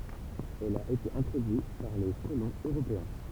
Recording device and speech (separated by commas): temple vibration pickup, read sentence